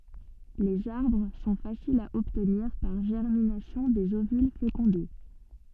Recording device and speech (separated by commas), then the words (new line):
soft in-ear microphone, read sentence
Les arbres sont faciles à obtenir par germination des ovules fécondés.